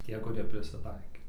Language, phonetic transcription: Lithuanian, ˈtie kuˈrie prisiˈtaikė

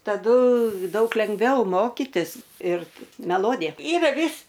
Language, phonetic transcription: Lithuanian, taˈdu ˈdaug lengˈviau ˈmokitis ir meˈlodija ˈyra ˈvis

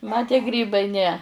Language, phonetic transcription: Lithuanian, ma tie ˈgrybai ne

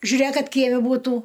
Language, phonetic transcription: Lithuanian, žiuˈrėk ˈkad ˈkieme būˈtų

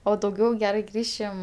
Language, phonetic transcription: Lithuanian, o dauˈgiau ˈgerai ˈgrįšim

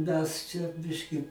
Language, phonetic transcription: Lithuanian, ˈmes čia ˈbiški

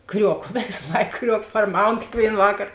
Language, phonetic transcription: Lithuanian, ˈkriuoko ˈvės ˈlaik ˈkriuok parˈmaun kėkˈvėin ˈvakar

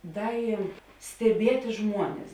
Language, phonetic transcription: Lithuanian, ˈda i steˈbieti ˈžmuones

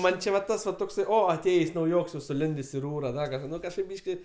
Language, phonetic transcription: Lithuanian, ˈman' či va ˈtas va tokˈsai ˈo aˈtėjės' nauˈjoks jau suˈlindės' i ˈrūra ˈda kažˈką ˈnu kažˈkaip ˈbyški

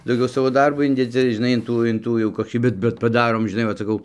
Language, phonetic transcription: Lithuanian, dauˈgiau ˈsavo ˈdarbo ˈindedzi žiˈnai in ˈtų in ˈtų jau koˈkį ˈbet bet paˈdarom žiˈnai vat saˈkau

